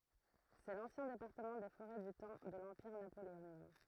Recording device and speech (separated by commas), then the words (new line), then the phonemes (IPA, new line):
throat microphone, read sentence
C'est l'ancien département des Forêts du temps de l'Empire napoléonien.
sɛ lɑ̃sjɛ̃ depaʁtəmɑ̃ de foʁɛ dy tɑ̃ də lɑ̃piʁ napoleonjɛ̃